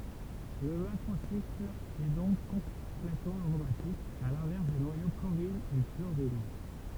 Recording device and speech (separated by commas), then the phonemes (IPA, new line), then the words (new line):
temple vibration pickup, read sentence
lə makʁosikl ɛ dɔ̃k kɔ̃plɛtmɑ̃ aʁomatik a lɛ̃vɛʁs de nwajo koʁin e kloʁin
Le macrocycle est donc complètement aromatique, à l'inverse des noyaux corrine et chlorine.